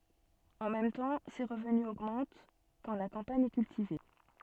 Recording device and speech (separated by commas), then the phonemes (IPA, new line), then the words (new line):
soft in-ear microphone, read sentence
ɑ̃ mɛm tɑ̃ se ʁəvny oɡmɑ̃t kɑ̃ la kɑ̃paɲ ɛ kyltive
En même temps, ses revenus augmentent quand la campagne est cultivée.